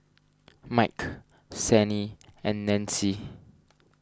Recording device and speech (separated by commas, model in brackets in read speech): standing microphone (AKG C214), read sentence